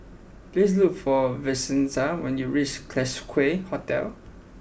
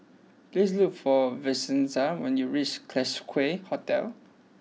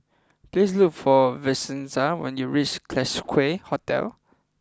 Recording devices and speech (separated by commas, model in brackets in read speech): boundary microphone (BM630), mobile phone (iPhone 6), close-talking microphone (WH20), read sentence